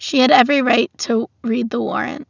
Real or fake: real